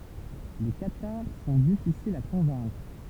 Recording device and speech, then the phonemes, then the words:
temple vibration pickup, read sentence
le kataʁ sɔ̃ difisilz a kɔ̃vɛ̃kʁ
Les cathares sont difficiles à convaincre.

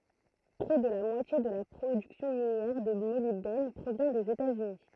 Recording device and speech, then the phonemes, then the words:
throat microphone, read sentence
pʁɛ də la mwatje də la pʁodyksjɔ̃ minjɛʁ də molibdɛn pʁovjɛ̃ dez etaz yni
Près de la moitié de la production minière de molybdène provient des États-Unis.

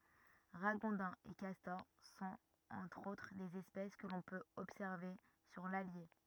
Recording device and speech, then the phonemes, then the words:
rigid in-ear microphone, read sentence
ʁaɡɔ̃dɛ̃z e kastɔʁ sɔ̃t ɑ̃tʁ otʁ dez ɛspɛs kə lɔ̃ pøt ɔbsɛʁve syʁ lalje
Ragondins et castors sont, entre autres, des espèces que l’on peut observer sur l’Allier.

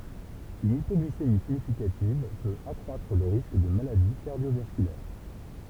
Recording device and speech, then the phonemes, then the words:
temple vibration pickup, read sentence
yn ipɔɡlisemi siɲifikativ pøt akʁwatʁ lə ʁisk də maladi kaʁdjovaskylɛʁ
Une hypoglycémie significative peut accroître le risque de maladie cardiovasculaire.

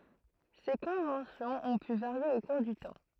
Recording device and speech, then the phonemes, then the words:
throat microphone, read sentence
se kɔ̃vɑ̃sjɔ̃z ɔ̃ py vaʁje o kuʁ dy tɑ̃
Ces conventions ont pu varier au cours du temps.

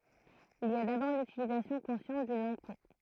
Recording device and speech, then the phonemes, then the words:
throat microphone, read sentence
il i a dabɔʁ lytilizasjɔ̃ kɔ̃sjɑ̃t dyn lɑ̃ɡ pɔ̃
Il y a d'abord l'utilisation consciente d'une langue-pont.

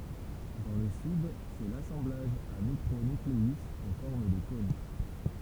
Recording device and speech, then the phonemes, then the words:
temple vibration pickup, read sentence
dɑ̃ lə syd sɛ lasɑ̃blaʒ a mikʁo nykleyz ɑ̃ fɔʁm də kɔ̃n
Dans le Sud, c'est l'assemblage à micro-nucléus en forme de cône.

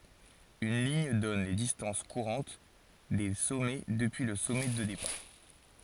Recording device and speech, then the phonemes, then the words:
forehead accelerometer, read sentence
yn liɲ dɔn le distɑ̃s kuʁɑ̃t de sɔmɛ dəpyi lə sɔmɛ də depaʁ
Une ligne donne les distances courantes des sommets depuis le sommet de départ.

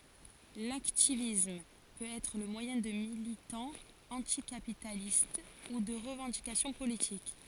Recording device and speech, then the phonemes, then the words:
forehead accelerometer, read sentence
laktivism pøt ɛtʁ lə mwajɛ̃ də militɑ̃z ɑ̃tikapitalist u də ʁəvɑ̃dikasjɔ̃ politik
L'hacktivisme peut être le moyen de militants anticapitalistes ou de revendications politiques.

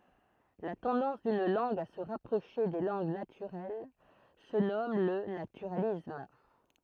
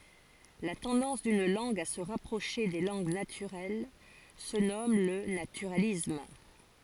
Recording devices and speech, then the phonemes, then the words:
throat microphone, forehead accelerometer, read sentence
la tɑ̃dɑ̃s dyn lɑ̃ɡ a sə ʁapʁoʃe de lɑ̃ɡ natyʁɛl sə nɔm lə natyʁalism
La tendance d'une langue à se rapprocher des langues naturelles se nomme le naturalisme.

